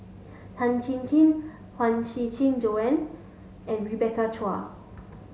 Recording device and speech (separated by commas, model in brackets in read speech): mobile phone (Samsung S8), read sentence